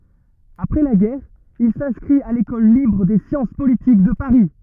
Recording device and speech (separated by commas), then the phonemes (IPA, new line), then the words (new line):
rigid in-ear microphone, read sentence
apʁɛ la ɡɛʁ il sɛ̃skʁit a lekɔl libʁ de sjɑ̃s politik də paʁi
Après la guerre, il s’inscrit à l’École libre des sciences politiques de Paris.